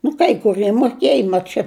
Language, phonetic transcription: Lithuanian, nu kai kuˈrie moˈkėja mat ˈčia

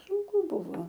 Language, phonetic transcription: Lithuanian, sunˈku ˈbuvo

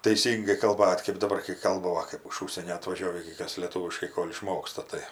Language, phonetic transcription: Lithuanian, taˈisyngai kalˈbat' kɜp daˈbar kai ˈkalba ˈva kɜp iš ˈužsienio atvaˈžiovį gi ˈkas lėˈtūviškai ˈkol' iˈšmoksta tai

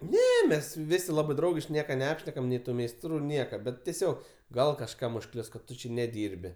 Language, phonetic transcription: Lithuanian, ˈne ˈmes ˈvisi ˈlabɜ ˈdraugiški ˈnieka neˈapšnekam nei ˈtų meisˈtrų ˈnieka ˈbet teˈsiog ˈgal kažˈkam užˈklius kad ˈtu či neˈdyrbi

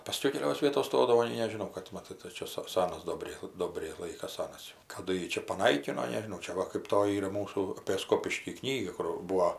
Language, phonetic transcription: Lithuanian, paˈskiau keˈlios ˈvietos ˈstodavo nei nežiˈnau kad maˈtai tai ˈčia sa ˈsanas ˈdobriai ˈdobriai ˈlaikas ˈsanas jau kaˈdu ˈjį čia paˈnaikino nežiˈnau čia ˈva kɜp ˈtoji ˈyra ˈmūsų apė ˈskopiškį ˈknyga kur ˈbūo

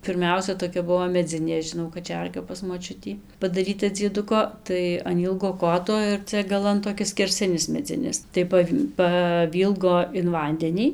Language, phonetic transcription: Lithuanian, pirˈmiausia toˈkia ˈbuvo meˈdzinė žiˈnau kaˈčerga pas moˈčiutį padaˈryta dzieˈduko ˈtai an ˈylgo ˈkoto ir ˈcia gaˈlan toˈ kis skerˈsinis meˈdzinis tai ˈpav' paˈvylgo in ˈvandenį

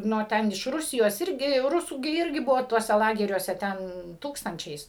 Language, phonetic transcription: Lithuanian, nu o ˈten iš ˈrusijos ˈirgi ˈrusų gi ˈirgi ˈbuvo tuoˈse ˈlageriuose ˈten ˈtūkstančiais

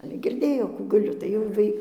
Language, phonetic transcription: Lithuanian, ˈale girˈdėjo ˈkų gaˈliu tai jau ˈvai

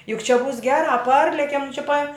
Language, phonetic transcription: Lithuanian, juk čia būs ˈgerā ˈparlekem čia pa

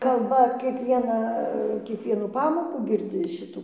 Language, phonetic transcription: Lithuanian, kalˈba kieˈkvieną kieˈkvienų ˈpamokų girˈdzi ˈšitų

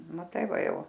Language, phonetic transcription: Lithuanian, maˈtai ˈva ˈjau

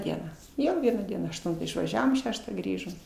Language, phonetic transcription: Lithuanian, ˈdieną ˈjo ˈvieną ˈdieną ašˈtuntą išvaˈžiavom ˈšeštą ˈgrįžom

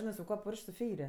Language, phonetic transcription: Lithuanian, ˈžinɜ su ˈkuo ˈpurš'k' su ˈfeiri

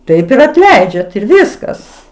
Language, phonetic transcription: Lithuanian, ˈtaip ir atˈleidžiat ir ˈviskas

